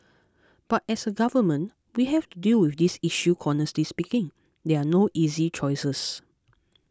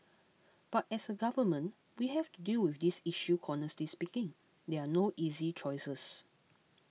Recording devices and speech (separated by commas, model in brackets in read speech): close-talking microphone (WH20), mobile phone (iPhone 6), read sentence